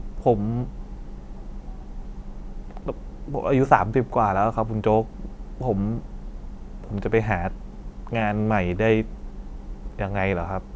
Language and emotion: Thai, frustrated